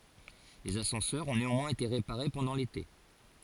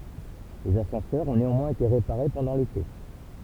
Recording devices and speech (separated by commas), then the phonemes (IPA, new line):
forehead accelerometer, temple vibration pickup, read sentence
lez asɑ̃sœʁz ɔ̃ neɑ̃mwɛ̃z ete ʁepaʁe pɑ̃dɑ̃ lete